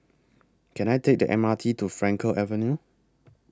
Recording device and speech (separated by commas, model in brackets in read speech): close-talking microphone (WH20), read sentence